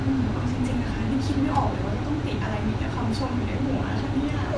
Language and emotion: Thai, happy